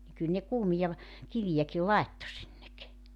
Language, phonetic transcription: Finnish, ni 'kyl ne 'kuumija ‿v- , 'kivijäki "laetto sinnek .
- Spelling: niin kyllä ne kuumia - kiviäkin laittoi sinne

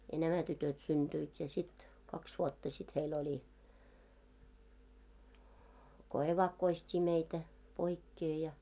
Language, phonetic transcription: Finnish, ja "nämä 'tytöt synᴅyit ja sit , 'kaks 'vuotta sit heil oĺi , ko "evakkoist́ii meitä , 'poikkee ja .
- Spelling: ja nämä tytöt syntyivät ja sitten kaksi vuotta sitten heillä oli kun evakkoistettiin meitä poikkeen ja

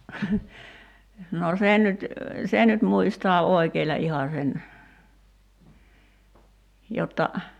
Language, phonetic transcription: Finnish, noo 'sen nyt , 'sen nyt 'muistoa "oikeiĺa 'iha sen , 'jotta ,.
- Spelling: no sen nyt sen nyt muistaa oikeilla ihan sen jotta

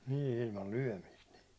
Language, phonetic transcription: Finnish, nî , nii ilmal lyäₒmist nii .
- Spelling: niin niin ilmalla lyömistä niin

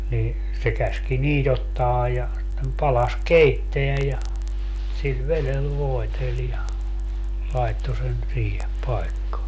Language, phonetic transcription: Finnish, nii , se 'käski "niit ‿ottaa ja , sittem 'palas "keitteä ja , sil "velel 'voetel ja , 'lai̮tto sen , 'siihe , 'pai̮kkaa .
- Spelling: niin se käski niitä ottaa ja sitten padassa keittää ja sillä vedellä voiteli ja laittoi sen siihen paikkaan

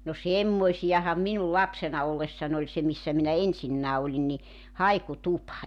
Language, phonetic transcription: Finnish, no "semmoisiʲaham 'minul "lapsena 'ollessan ‿oĺ 'se missä minä "esinnää 'oĺin ni , "haiku'tupa .
- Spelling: no semmoisiahan minun lapsena ollessani oli se missä minä esinnä olin niin haikutupa

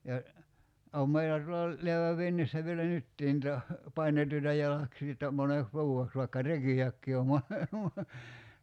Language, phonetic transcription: Finnish, ja , 'òm meilä tuola , 'leäväv 'vinnissä vielä "nyttii ‿nta , "painetuita 'jalaksii että , 'moneks "vuu₍eks vaikka "reki₍äkkii om mone- , mo- .
- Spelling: ja on meillä tuolla läävän vintissä vielä nytkin niitä painettuja jalaksia että moneksi vuodeksi vaikka rekiäkin on - -

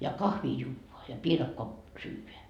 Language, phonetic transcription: Finnish, ja "kahvii 'juuvoa , ja 'piirakkoa , 'syyveä .
- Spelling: ja kahvia juodaan ja piirakkaa syödään

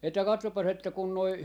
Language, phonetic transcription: Finnish, että 'kattoppas että kun noi , .
- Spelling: että katsopas että kun nuo

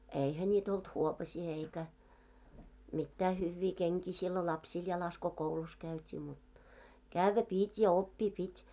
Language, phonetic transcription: Finnish, 'eihä ńiit ‿olt "huopasii eikä , mittää 'hyyvvii 'keŋkii sillo 'lapsiil jalas ko 'koulus käyt́ii mut , "kävvä 'pìt́ ja "oppii 'pit́ .
- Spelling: eihän niitä ollut huopasia eikä mitään hyviä kenkiä silloin lapsilla jalassa kun koulussa käytiin mutta käydä piti ja oppia piti

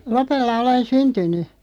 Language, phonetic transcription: Finnish, 'Lopella 'olen "syntyn̆ny .
- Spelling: Lopella olen syntynyt

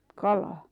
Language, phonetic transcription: Finnish, 'kalaa ?
- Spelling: kalaan

